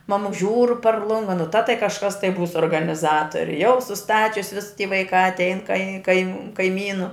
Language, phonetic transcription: Lithuanian, ˈmamuks ˈžiūr par ˈlunga nu ta tai kažˈkas tai ˈbūs organiˈzatori jau suˈstačius vis ˈty vaiˈkā atˈein kai kai kaiˈmynu

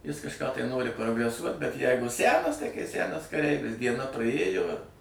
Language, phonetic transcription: Lithuanian, ˈjis kažˈką tai ˈnori progreˈsuot bet ˈjeigu ˈsænas tai kai ˈsænas kaˈreivis dieˈna prˈaėjo ir

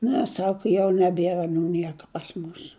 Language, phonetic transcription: Lithuanian, ˈne ˈsaka jau neˈbėra aˈnų ˈnieka pas ˈmus

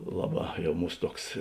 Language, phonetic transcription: Lithuanian, ˈlaˌbā ˈjau ˈmūs ˈtuoks

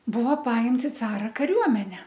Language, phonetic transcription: Lithuanian, ˈbuva ˈpaimts i ˈcara kaˈriuomene

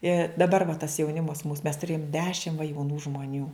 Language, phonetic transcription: Lithuanian, i daˈbar va tas jauˈnimas mūs mes tuˈrėjom ˈdešim va jauˈnų žmoˈnių

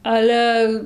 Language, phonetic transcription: Lithuanian, ˈale

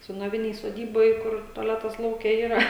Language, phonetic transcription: Lithuanian, senoˈvinėj soˈdyboj ˈkur toˈletas lauˈke yˈra

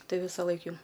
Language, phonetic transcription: Lithuanian, ˈtai ˈvisaˌlaik jau

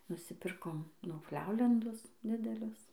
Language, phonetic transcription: Lithuanian, nusiˈpirkom niufˈliaulendus ˈdidelius

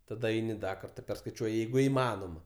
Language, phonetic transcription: Lithuanian, taˈda ˈeini ˈda ˈkartą perskaiˈčiuoji ˈjeigu iˈmanoma

